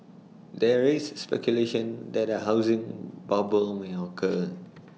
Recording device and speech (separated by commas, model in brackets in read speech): mobile phone (iPhone 6), read sentence